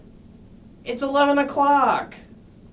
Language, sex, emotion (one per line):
English
male
disgusted